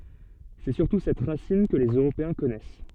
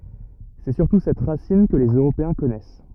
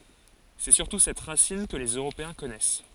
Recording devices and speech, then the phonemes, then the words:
soft in-ear microphone, rigid in-ear microphone, forehead accelerometer, read sentence
sɛ syʁtu sɛt ʁasin kə lez øʁopeɛ̃ kɔnɛs
C'est surtout cette racine que les Européens connaissent.

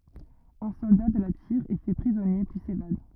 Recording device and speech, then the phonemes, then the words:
rigid in-ear microphone, read sentence
œ̃ sɔlda də la tiʁ ɛ fɛ pʁizɔnje pyi sevad
Un soldat de la tire, est fait prisonnier, puis s'évade.

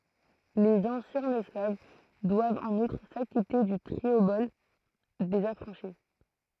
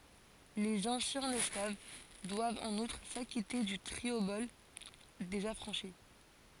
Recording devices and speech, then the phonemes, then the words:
throat microphone, forehead accelerometer, read sentence
lez ɑ̃sjɛ̃z ɛsklav dwavt ɑ̃n utʁ sakite dy tʁiobɔl dez afʁɑ̃ʃi
Les anciens esclaves doivent en outre s'acquitter du triobole des affranchis.

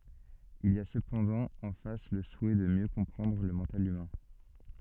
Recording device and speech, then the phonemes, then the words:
soft in-ear microphone, read sentence
il i a səpɑ̃dɑ̃ ɑ̃ fas lə suɛ də mjø kɔ̃pʁɑ̃dʁ lə mɑ̃tal ymɛ̃
Il y a cependant en face le souhait de mieux comprendre le mental humain.

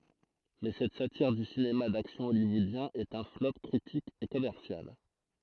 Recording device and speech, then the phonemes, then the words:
throat microphone, read sentence
mɛ sɛt satiʁ dy sinema daksjɔ̃ ɔljwɔodjɛ̃ ɛt œ̃ flɔp kʁitik e kɔmɛʁsjal
Mais cette satire du cinéma d'action hollywoodien est un flop critique et commercial.

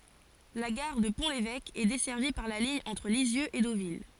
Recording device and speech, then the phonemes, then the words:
forehead accelerometer, read sentence
la ɡaʁ də pɔ̃ levɛk ɛ dɛsɛʁvi paʁ la liɲ ɑ̃tʁ lizjøz e dovil
La gare de Pont-l'Évêque, est desservie par la ligne entre Lisieux et Deauville.

